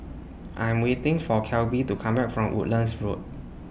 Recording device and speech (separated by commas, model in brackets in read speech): boundary microphone (BM630), read sentence